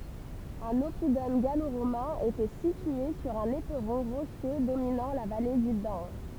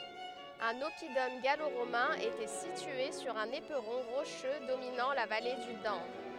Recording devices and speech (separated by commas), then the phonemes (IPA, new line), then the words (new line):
temple vibration pickup, headset microphone, read sentence
œ̃n ɔpidɔm ɡalo ʁomɛ̃ etɛ sitye syʁ œ̃n epʁɔ̃ ʁoʃø dominɑ̃ la vale dy dan
Un oppidum gallo-romain était situé sur un éperon rocheux dominant la vallée du Dan.